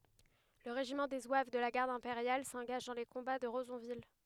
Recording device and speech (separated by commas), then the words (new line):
headset microphone, read sentence
Le régiment des zouaves de la Garde impériale s’engage dans les combats de Rezonville.